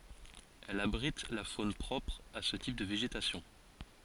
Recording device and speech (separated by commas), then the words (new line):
forehead accelerometer, read sentence
Elle abrite la faune propre à ce type de végétation.